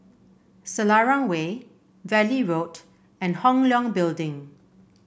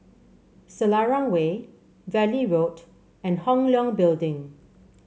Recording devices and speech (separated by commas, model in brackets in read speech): boundary microphone (BM630), mobile phone (Samsung C7), read sentence